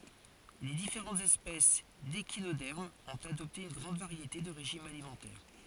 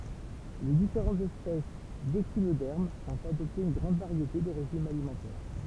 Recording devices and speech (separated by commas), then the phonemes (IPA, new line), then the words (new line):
forehead accelerometer, temple vibration pickup, read sentence
le difeʁɑ̃tz ɛspɛs deʃinodɛʁmz ɔ̃t adɔpte yn ɡʁɑ̃d vaʁjete də ʁeʒimz alimɑ̃tɛʁ
Les différentes espèces d'échinodermes ont adopté une grande variété de régimes alimentaires.